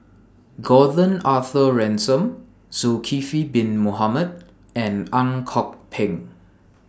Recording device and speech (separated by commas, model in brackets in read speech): standing microphone (AKG C214), read sentence